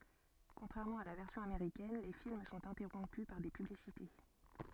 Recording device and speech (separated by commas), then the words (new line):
soft in-ear microphone, read sentence
Contrairement à la version américaine, les films sont interrompus par des publicités.